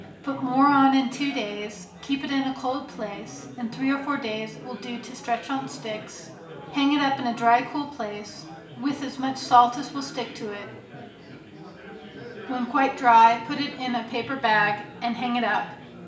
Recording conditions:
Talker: one person; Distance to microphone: 1.8 m; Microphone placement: close; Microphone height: 1.0 m; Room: large; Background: babble

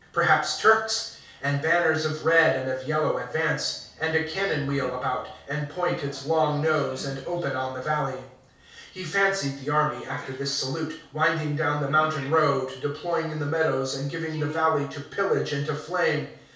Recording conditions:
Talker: one person; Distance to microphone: 3.0 m; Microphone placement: far; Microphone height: 1.8 m; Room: small (3.7 m by 2.7 m); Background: television

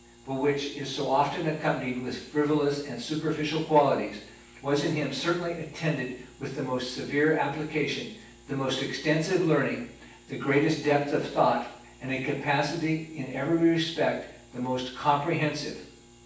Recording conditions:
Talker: one person; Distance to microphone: 9.8 m; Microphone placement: far; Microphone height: 1.8 m; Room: large; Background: none

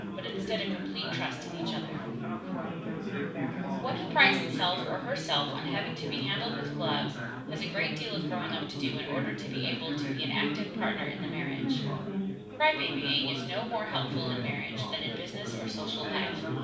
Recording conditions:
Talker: one person; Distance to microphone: 5.8 m; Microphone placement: far; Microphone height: 1.8 m; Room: medium-sized (5.7 m by 4.0 m); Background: babble

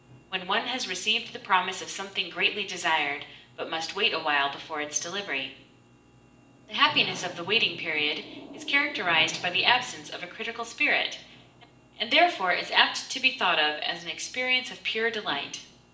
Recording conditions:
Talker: one person; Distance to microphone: 1.8 m; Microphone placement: close; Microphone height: 1.0 m; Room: large; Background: television

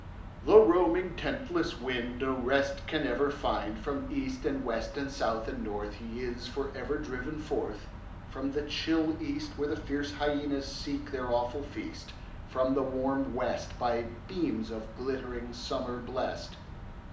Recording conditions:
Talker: one person; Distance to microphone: 2.0 m; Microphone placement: close; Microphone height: 99 cm; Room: medium-sized (5.7 m by 4.0 m); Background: none

